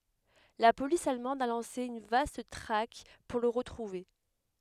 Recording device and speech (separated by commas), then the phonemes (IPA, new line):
headset microphone, read sentence
la polis almɑ̃d a lɑ̃se yn vast tʁak puʁ lə ʁətʁuve